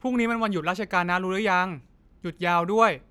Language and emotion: Thai, frustrated